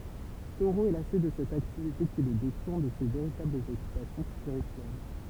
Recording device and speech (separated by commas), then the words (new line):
temple vibration pickup, read sentence
Thoreau est lassé de cette activité qui le détourne de ses véritables occupations spirituelles.